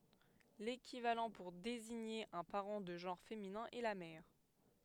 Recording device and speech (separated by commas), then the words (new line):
headset microphone, read sentence
L'équivalent pour désigner un parent de genre féminin est la mère.